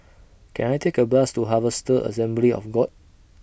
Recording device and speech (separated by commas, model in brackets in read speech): boundary microphone (BM630), read sentence